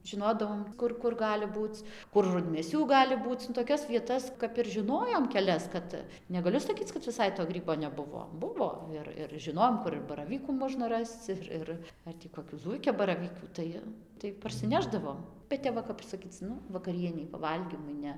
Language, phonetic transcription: Lithuanian, žiˈnodavom ˈkur kur ˈgali ˈbūc kur rudmėˈsių ˈgali ˈbūc nu toˈkias vieˈtas kap ir žiˈnojom keˈlias ˈkad negaˈliu saˈkyc kad viˈsai to ˈgrybo neˈbuvo ˈbuvo ˈir ir žiˈnojom ˈkur ir baraˈvykų ˈmožna ˈrasc ir ˈir ˈar tį koˈkių ˈzūikiabaravykių ˈtai tai parsiˈnešdavom bet ˈtep va ˈkap saˈkyc ˈnu vakaˈrienei paˈvalgymui ˈne

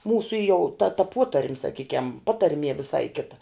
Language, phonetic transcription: Lithuanian, ˈmūsu jau ta ta ˈpotarm' saˈkykiam ˈpatarmie viˈsai ˈkita

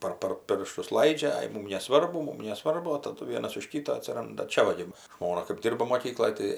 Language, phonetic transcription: Lithuanian, ˈpar par ˈpirštus ˈlaidžia ˈai ˈmūm neˈsvarbu ˈmūm neˈsvarbu o taˈdu ˈvienas už ˈkita atsiˈranda ˈčia ˈva gi ˈžmona kɜp ˈdirba moˈkykloj tai

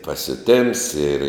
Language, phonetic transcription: Lithuanian, pasiuˈtėms ir

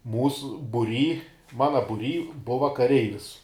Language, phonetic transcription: Lithuanian, ˈmūsu buˈry ˈmana buˈry ˈbuva kaˈreivis

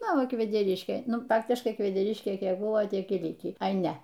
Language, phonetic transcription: Lithuanian, ˈnu ˈva kvedeˈriškė ˈnu ˈfaktiškai kvedeˈriškė ˈkiek ˈbuvo ˈtiek ir ˈlikį ai ˈne

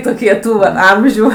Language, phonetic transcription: Lithuanian, toˈkie ˈtų va ˈamžių

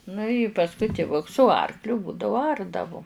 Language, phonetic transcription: Lithuanian, nu i pasˈkui tiˈvuks su ˈarkliu ˈbūdavu ˈardavu

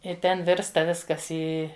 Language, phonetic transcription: Lithuanian, ir ˈten ˈvirsta ˈviskas ˈį

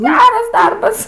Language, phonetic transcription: Lithuanian, ˈgeras ˈdarbas

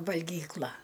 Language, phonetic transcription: Lithuanian, valgyˈkla

